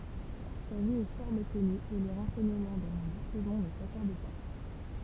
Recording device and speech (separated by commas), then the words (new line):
temple vibration pickup, read sentence
Sa vie est fort méconnue et les renseignements dont nous disposons ne s'accordent pas.